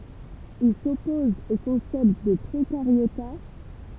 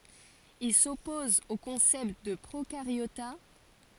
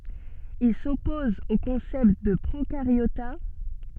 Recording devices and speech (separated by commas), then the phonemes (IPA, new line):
temple vibration pickup, forehead accelerometer, soft in-ear microphone, read sentence
il sɔpɔz o kɔ̃sɛpt də pʁokaʁjota